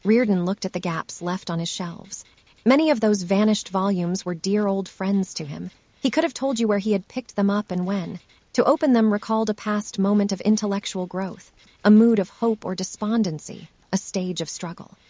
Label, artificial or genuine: artificial